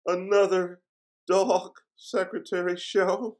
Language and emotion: English, fearful